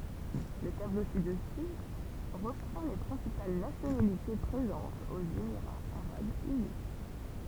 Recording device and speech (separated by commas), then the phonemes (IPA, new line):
temple vibration pickup, read sentence
lə tablo sidəsy ʁəpʁɑ̃ le pʁɛ̃sipal nasjonalite pʁezɑ̃tz oz emiʁaz aʁabz yni